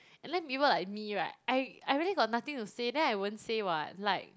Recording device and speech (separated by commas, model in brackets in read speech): close-talking microphone, conversation in the same room